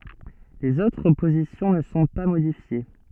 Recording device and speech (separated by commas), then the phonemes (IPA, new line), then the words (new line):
soft in-ear microphone, read sentence
lez otʁ pozisjɔ̃ nə sɔ̃ pa modifje
Les autres positions ne sont pas modifiées.